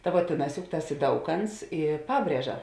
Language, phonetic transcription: Lithuanian, ta vuo ˈtėˌnās juk ˈtas i ˈdauˌkants i ˈpabrieža

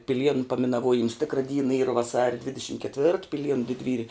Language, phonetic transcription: Lithuanian, piˈlienu paminaˈvuojims ˈtikra ˈdyna ˈyra vaˈsaria ˈdvidešim ketˈvirt piˈlienu didˈvyri

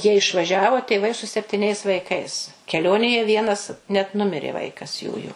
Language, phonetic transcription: Lithuanian, jie išvaˈžiavo tėˈvai su septiˈniais vaiˈkais keˈlionėje ˈvienas net ˈnumirė ˈvaikas ˈjųju

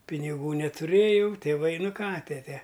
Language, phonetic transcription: Lithuanian, piniˈgų netuˈrėjau tėˈvai ˈnu ˈką ˈtete

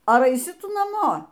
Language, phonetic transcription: Lithuanian, ˈar aiˈsi ˈtu naˈmo

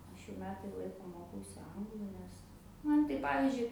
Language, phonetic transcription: Lithuanian, ˈaš jau ˈmetai ˈlaiko ˈmokausi ˈanglu ˈnes ˈman tai ˈpavizdžiui

